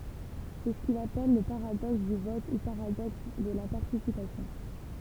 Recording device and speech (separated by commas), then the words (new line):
temple vibration pickup, read sentence
C'est ce qu'il appelle le paradoxe du vote ou paradoxe de la participation.